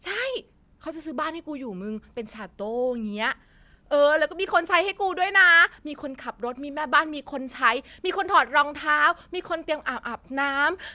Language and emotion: Thai, happy